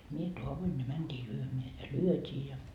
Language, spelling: Finnish, minä taoin ja mentiin lyömään ja lyötiin ja
- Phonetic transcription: mie 'toavoin ja 'mänt́ii 'lyömeä ja "lyöt́ii ja .

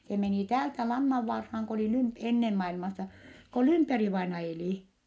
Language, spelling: Finnish, se meni täältä Lannanvaaraan kun oli - ennen maailmassa kun Lymperi-vainaja eli
- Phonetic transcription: se menì täältä Lannavvarhaaŋ ko olì Lymp- , ennen mailmasa , ko Lymperi-vaina elì .

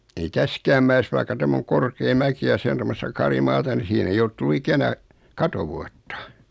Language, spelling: Finnish, ei tässäkään mäessä vaikka tämä on korkea mäki ja se on tuommoista karimaata niin siihen ei ole tullut ikänä katovuotta
- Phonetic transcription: ei 'täskääm mä₍es vaikka 'tämm ‿oŋ 'korkee "mäki ja 'se on 'tommosta 'kari'maata ni 'siihen ‿ei olt tullu 'ikänä , "katovuattᴀ .

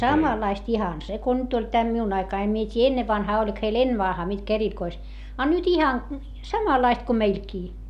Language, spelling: Finnish, samanlaista ihan se kuin nyt oli tämä minun aikani en minä tiedä ennen vanhaan oliko heillä ennen vanhaan mitkä erikois a nyt ihan samanlaiset kuin meilläkin
- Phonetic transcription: samalaist ihan , se ko nyt ‿oĺ teä miun ‿aikai em mie t́ii ennevvanhaa oĺik heil ennevvanhaa mitkä erikois , a nyt ihan , samalaist ko meilkii .

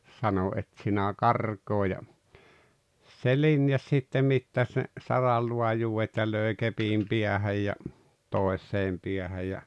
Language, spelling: Finnish, sanoin et sinä karkaa ja se linjasi sitten mittasi ne saranlaajuudet ja löi kepin päähän ja toiseen päähän ja
- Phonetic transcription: sano » "et sinä "karkoo « ja , se "linjas sittem̆ 'mittaś ne , 'saralluajuuwet ja lö̀i̬ 'kepiim 'piähäj ja , 'tòes̀eem piähäj ja .

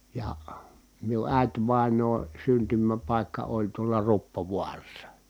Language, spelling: Finnish, ja minun äitivainajan syntymäpaikka oli tuolla Ruppovaarassa
- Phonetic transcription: ja , miu ʼä̀i̮tvàeǹoon̬ syntymäpàikka oĺ tuola Ruppovuarassa .

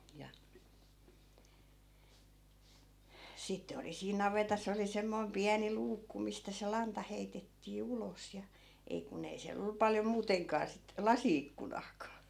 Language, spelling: Finnish, ja sitten oli siinä navetassa oli semmoinen pieni luukku mistä se lanta heitettiin ulos ja ei kun ei siellä ollut paljon muutenkaan sitten lasi-ikkunaakaan
- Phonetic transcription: ja , 'sitte oli siin 'navetas ‿oli 'semmoi̮m 'piäni "luukku mistä se 'lanta heitettii "ulos ja , 'ei ku'n ‿ei siäl ‿ollu 'paljo 'muuteŋkaa sit , "lasi₍ikkunaakaa .

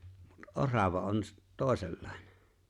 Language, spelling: Finnish, mutta orava on - toisenlainen
- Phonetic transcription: mut "’orava on s- , 'tòesellᴀ̀ᴇɴᴇ .

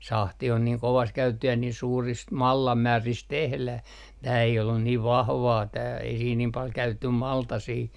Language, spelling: Finnish, sahti on niin kovaa se käytettiin ja niin suurista mallasmääristä tehdään tämä ei ollut niin vahvaa tämä ei siinä niin paljon käytetty maltasia
- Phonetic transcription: "sahti on niiŋ 'kovaa se 'käytettih ja niin 'suurist "mallammäärist 'tehläh , tää ei ollun niiv 'vahvaa tää ei siin niim 'pal 'käytetty "maltasii .

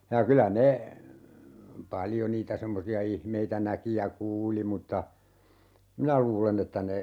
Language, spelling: Finnish, ja kyllä ne paljon niitä semmoisia ihmeitä näki ja kuuli mutta minä luulen että ne
- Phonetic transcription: ja 'kylä "ne , "paljo 'niitä 'semmosi₍a 'ihmeitä 'näki ja "kuuli mutta , "minä luule'n ‿että ne ,.

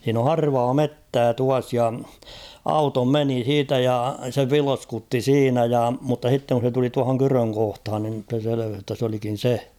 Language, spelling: Finnish, siinä on harvaa metsää tuossa ja auto meni siitä ja se vilskutti siinä ja mutta sitten kun se tuli tuohon kydön kohtaan niin se selvisi jotta se olikin se
- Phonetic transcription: h̬iin ‿o 'harvaa "mettää 'tuas ja , 'auto "meni 'siitä ja , se "vilskutti "siinä ja , mutta h̬itteŋ kun̬ se tuli 'tuahoŋ "kyröŋ kohthan nim ᴮse 'seleveh jotta s ‿olikin̬ "se .

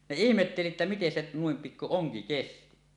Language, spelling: Finnish, ne ihmetteli että miten se noin pikku onki kesti
- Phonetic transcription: ne "ihmetteli että 'miten se , nuim pikku "oŋki 'kesti .

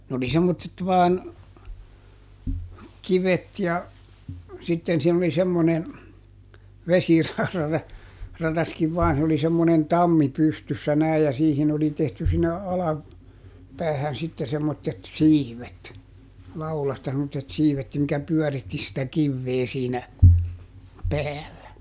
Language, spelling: Finnish, ne oli semmoiset vain kivet ja sitten siinä oli semmoinen - vesirataskin vain se oli semmoinen tammi pystyssä näin ja siihen oli tehty sinne - alapäähän sitten semmoiset siivet laudasta semmoiset siivet ja mikä pyöritti sitä kiveä siinä päällä
- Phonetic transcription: nᵉ ‿oli ˈsemmottet vaan , ˈkivet ja , ˈsitten siin ‿oli ˈsemmone , ˈvesira- , -ˈrataskiv ˈvaan se oli semmonen "tammi ˈpystyssä näij ja ˈsiihin ‿oli tehty sinne ˈala- , -ˈpäähän sitte semmottet "siivet , ˈlaulasta semmottet ˈsiivet ja mikä ˈpyɔ̈̀ritti sitä ˈkivvee siinä , ˈpäällä .

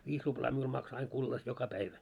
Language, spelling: Finnish, viisi ruplaa minulla maksoi aina kullassa joka päivä
- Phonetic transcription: 'viis ruplaa 'miul makso aiŋ 'kullas "joka 'päivä .

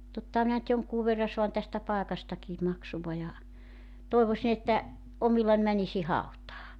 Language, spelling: Finnish, tottahan minä nyt jonkun verran saan tästä paikastakin maksua ja toivoisin että omillani menisin hautaan
- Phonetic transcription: 'tottaha minä nʸt 'joŋkuu verra 'soan tästä 'paekastakii 'maksuva ja , 'tòivosin ‿että , '’omillan 'mänisi "hautaa .

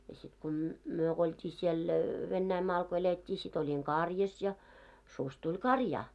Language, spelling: Finnish, ja sitten kun - me kun oltiin siellä Venäjänmaalla kun elettiin sitten olin karjassa ja susi tuli karjaan
- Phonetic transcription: ja sit ko m- , 'myö k ‿olt́i 'siel , 'Vennäimaal ko elet́t́ii sit ‿oĺiŋ "karjas ja , sus 'tuĺ "karjaa .

